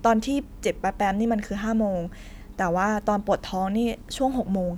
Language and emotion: Thai, neutral